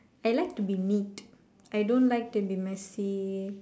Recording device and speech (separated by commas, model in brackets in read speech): standing microphone, conversation in separate rooms